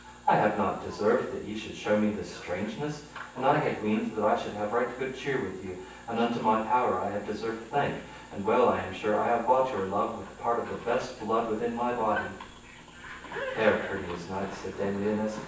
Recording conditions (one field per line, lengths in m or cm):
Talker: one person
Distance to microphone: 9.8 m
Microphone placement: far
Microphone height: 1.8 m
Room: large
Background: television